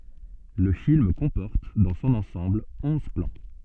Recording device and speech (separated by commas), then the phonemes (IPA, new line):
soft in-ear microphone, read sentence
lə film kɔ̃pɔʁt dɑ̃ sɔ̃n ɑ̃sɑ̃bl ɔ̃z plɑ̃